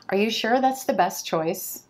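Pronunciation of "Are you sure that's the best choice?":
In 'best choice', the t at the end of 'best' falls away.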